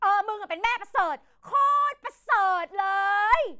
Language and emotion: Thai, angry